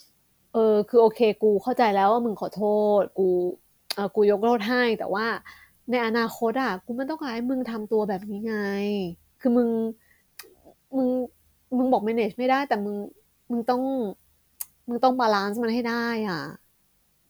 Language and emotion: Thai, frustrated